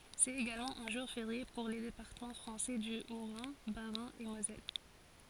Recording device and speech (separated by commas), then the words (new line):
forehead accelerometer, read sentence
C'est également un jour férié pour les départements français du Haut-Rhin, Bas-Rhin et Moselle.